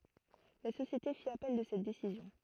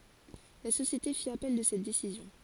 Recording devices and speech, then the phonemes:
throat microphone, forehead accelerometer, read sentence
la sosjete fi apɛl də sɛt desizjɔ̃

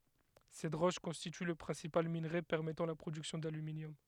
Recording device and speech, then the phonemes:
headset microphone, read sentence
sɛt ʁɔʃ kɔ̃stity lə pʁɛ̃sipal minʁe pɛʁmɛtɑ̃ la pʁodyksjɔ̃ dalyminjɔm

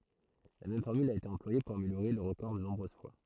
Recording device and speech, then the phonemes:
throat microphone, read sentence
la mɛm fɔʁmyl a ete ɑ̃plwaje puʁ ameljoʁe lœʁ ʁəkɔʁ də nɔ̃bʁøz fwa

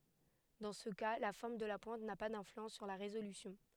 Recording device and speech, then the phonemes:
headset microphone, read sentence
dɑ̃ sə ka la fɔʁm də la pwɛ̃t na pa dɛ̃flyɑ̃s syʁ la ʁezolysjɔ̃

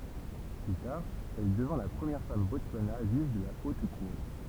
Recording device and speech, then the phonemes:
temple vibration pickup, read sentence
ply taʁ ɛl dəvɛ̃ la pʁəmjɛʁ fam bɔtswana ʒyʒ də la ot kuʁ

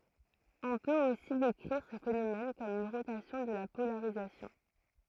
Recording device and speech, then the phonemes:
throat microphone, read sentence
ɔ̃ pøt osi dekʁiʁ sə fenomɛn kɔm yn ʁotasjɔ̃ də la polaʁizasjɔ̃

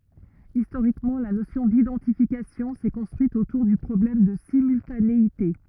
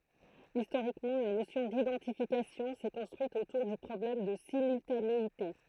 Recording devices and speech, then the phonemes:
rigid in-ear microphone, throat microphone, read sentence
istoʁikmɑ̃ la nosjɔ̃ didɑ̃tifikasjɔ̃ sɛ kɔ̃stʁyit otuʁ dy pʁɔblɛm də simyltaneite

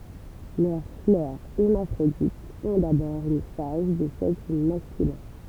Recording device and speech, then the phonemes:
temple vibration pickup, read sentence
lœʁ flœʁ ɛʁmafʁoditz ɔ̃ dabɔʁ yn faz də sɛks maskylɛ̃

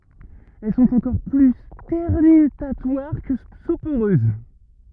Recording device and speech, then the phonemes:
rigid in-ear microphone, read sentence
ɛl sɔ̃t ɑ̃kɔʁ ply stɛʁnytatwaʁ kə sopoʁøz

